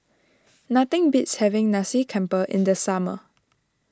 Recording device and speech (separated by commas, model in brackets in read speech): standing microphone (AKG C214), read sentence